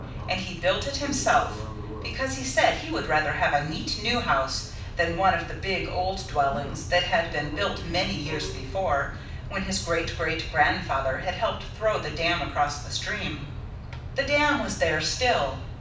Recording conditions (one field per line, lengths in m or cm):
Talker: one person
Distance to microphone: 5.8 m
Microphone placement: far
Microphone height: 1.8 m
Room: medium-sized (5.7 m by 4.0 m)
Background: television